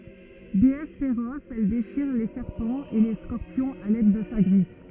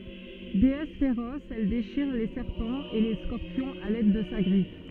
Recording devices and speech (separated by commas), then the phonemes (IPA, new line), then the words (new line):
rigid in-ear microphone, soft in-ear microphone, read sentence
deɛs feʁɔs ɛl deʃiʁ le sɛʁpɑ̃z e le skɔʁpjɔ̃z a lɛd də sa ɡʁif
Déesse féroce, elle déchire les serpents et les scorpions à l'aide de sa griffe.